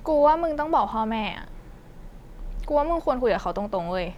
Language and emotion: Thai, frustrated